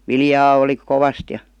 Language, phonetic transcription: Finnish, 'viljaa oli , "kovast ja .
- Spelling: viljaa oli kovasti ja

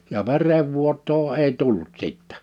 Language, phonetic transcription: Finnish, ja 'verevvuot̆too 'èi 'tullut 'sìttᴀ̈ .
- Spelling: ja verenvuotoa ei tullut sitten

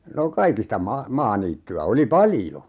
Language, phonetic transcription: Finnish, no 'kaikista ma- , 'maaniitty₍ä 'oli "paljo .
- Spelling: no kaikista - maaniittyä oli paljon

